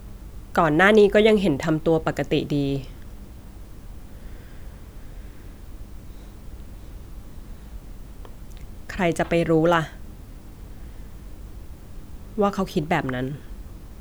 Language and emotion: Thai, sad